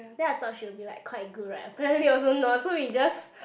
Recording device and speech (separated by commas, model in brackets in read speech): boundary microphone, conversation in the same room